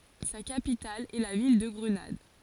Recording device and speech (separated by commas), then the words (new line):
forehead accelerometer, read sentence
Sa capitale est la ville de Grenade.